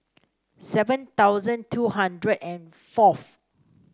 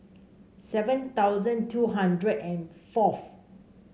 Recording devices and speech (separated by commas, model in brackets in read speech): standing microphone (AKG C214), mobile phone (Samsung C5), read sentence